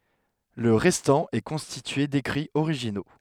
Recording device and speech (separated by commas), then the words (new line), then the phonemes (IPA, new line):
headset microphone, read sentence
Le restant est constitué d'écrits originaux.
lə ʁɛstɑ̃ ɛ kɔ̃stitye dekʁiz oʁiʒino